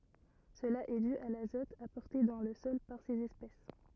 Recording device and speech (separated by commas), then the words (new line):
rigid in-ear microphone, read sentence
Cela est dû à l'azote apporté dans le sol par ces espèces.